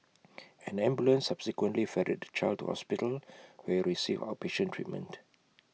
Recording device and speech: mobile phone (iPhone 6), read sentence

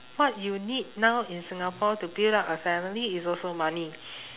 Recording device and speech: telephone, conversation in separate rooms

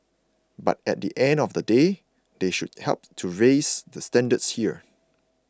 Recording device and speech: close-talking microphone (WH20), read sentence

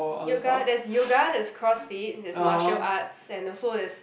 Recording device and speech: boundary microphone, conversation in the same room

